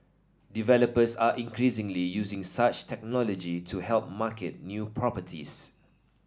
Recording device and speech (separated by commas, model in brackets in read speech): standing microphone (AKG C214), read sentence